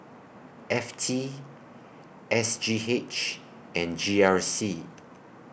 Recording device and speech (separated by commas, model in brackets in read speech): boundary microphone (BM630), read sentence